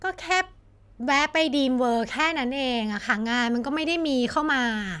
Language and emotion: Thai, frustrated